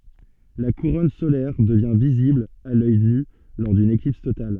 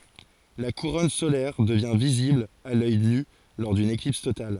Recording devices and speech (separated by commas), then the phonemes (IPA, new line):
soft in-ear microphone, forehead accelerometer, read sentence
la kuʁɔn solɛʁ dəvjɛ̃ vizibl a lœj ny lɔʁ dyn eklips total